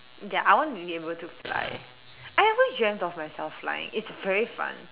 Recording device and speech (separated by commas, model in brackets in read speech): telephone, conversation in separate rooms